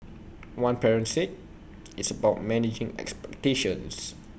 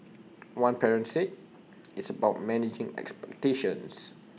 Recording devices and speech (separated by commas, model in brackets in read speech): boundary microphone (BM630), mobile phone (iPhone 6), read sentence